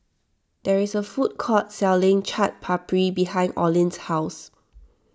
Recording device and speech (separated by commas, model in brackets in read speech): standing microphone (AKG C214), read sentence